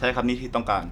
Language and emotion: Thai, frustrated